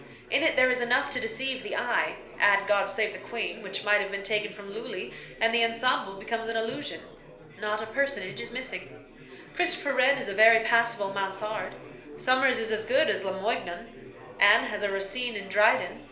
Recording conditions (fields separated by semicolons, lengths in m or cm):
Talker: one person; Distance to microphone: 1.0 m; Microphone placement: close; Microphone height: 1.1 m; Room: small (3.7 m by 2.7 m); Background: babble